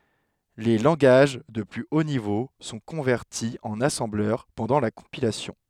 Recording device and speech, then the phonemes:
headset microphone, read sentence
le lɑ̃ɡaʒ də ply o nivo sɔ̃ kɔ̃vɛʁti ɑ̃n asɑ̃blœʁ pɑ̃dɑ̃ la kɔ̃pilasjɔ̃

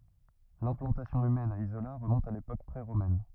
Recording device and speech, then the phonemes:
rigid in-ear microphone, read sentence
lɛ̃plɑ̃tasjɔ̃ ymɛn a izola ʁəmɔ̃t a lepok pʁeʁomɛn

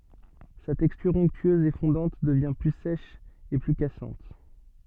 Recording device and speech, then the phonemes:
soft in-ear microphone, read sentence
sa tɛkstyʁ ɔ̃ktyøz e fɔ̃dɑ̃t dəvjɛ̃ ply sɛʃ e ply kasɑ̃t

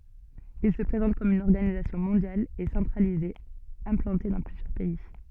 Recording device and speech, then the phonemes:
soft in-ear microphone, read sentence
il sə pʁezɑ̃t kɔm yn ɔʁɡanizasjɔ̃ mɔ̃djal e sɑ̃tʁalize ɛ̃plɑ̃te dɑ̃ plyzjœʁ pɛi

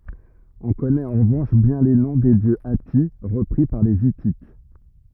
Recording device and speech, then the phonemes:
rigid in-ear microphone, read sentence
ɔ̃ kɔnɛt ɑ̃ ʁəvɑ̃ʃ bjɛ̃ le nɔ̃ de djø ati ʁəpʁi paʁ le itit

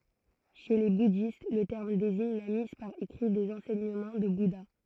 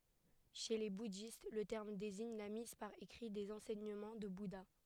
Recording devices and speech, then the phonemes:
throat microphone, headset microphone, read sentence
ʃe le budist lə tɛʁm deziɲ la miz paʁ ekʁi dez ɑ̃sɛɲəmɑ̃ dy buda

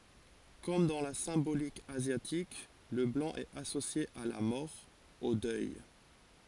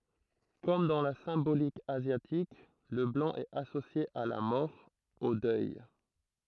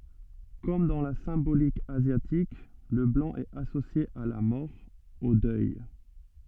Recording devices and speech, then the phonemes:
forehead accelerometer, throat microphone, soft in-ear microphone, read sentence
kɔm dɑ̃ la sɛ̃bolik azjatik lə blɑ̃ ɛt asosje a la mɔʁ o dœj

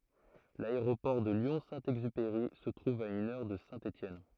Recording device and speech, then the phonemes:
throat microphone, read sentence
laeʁopɔʁ də ljɔ̃ sɛ̃ ɛɡzypeʁi sə tʁuv a yn œʁ də sɛ̃ etjɛn

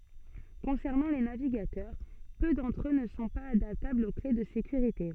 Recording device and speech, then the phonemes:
soft in-ear microphone, read sentence
kɔ̃sɛʁnɑ̃ le naviɡatœʁ pø dɑ̃tʁ ø nə sɔ̃ paz adaptablz o kle də sekyʁite

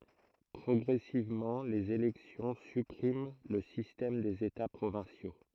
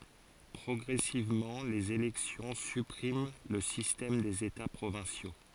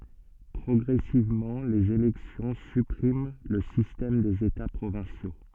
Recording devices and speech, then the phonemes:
throat microphone, forehead accelerometer, soft in-ear microphone, read sentence
pʁɔɡʁɛsivmɑ̃ lez elɛksjɔ̃ sypʁim lə sistɛm dez eta pʁovɛ̃sjo

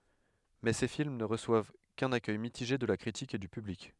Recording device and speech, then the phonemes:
headset microphone, read sentence
mɛ se film nə ʁəswav kœ̃n akœj mitiʒe də la kʁitik e dy pyblik

